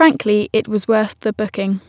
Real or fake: real